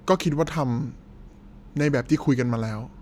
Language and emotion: Thai, frustrated